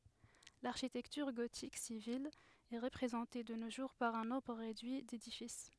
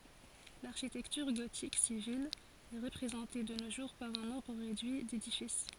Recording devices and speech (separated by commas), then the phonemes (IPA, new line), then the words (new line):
headset microphone, forehead accelerometer, read sentence
laʁʃitɛktyʁ ɡotik sivil ɛ ʁəpʁezɑ̃te də no ʒuʁ paʁ œ̃ nɔ̃bʁ ʁedyi dedifis
L’architecture gothique civile est représentée de nos jours par un nombre réduit d'édifices.